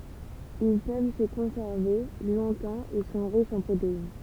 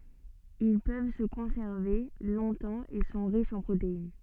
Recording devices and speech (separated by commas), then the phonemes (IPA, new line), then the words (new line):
temple vibration pickup, soft in-ear microphone, read sentence
il pøv sə kɔ̃sɛʁve lɔ̃tɑ̃ e sɔ̃ ʁiʃz ɑ̃ pʁotein
Ils peuvent se conserver longtemps et sont riches en protéines.